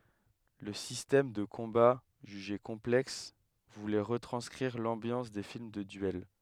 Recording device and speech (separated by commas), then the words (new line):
headset microphone, read sentence
Le système de combat, jugé complexe, voulait retranscrire l'ambiance des films de duel.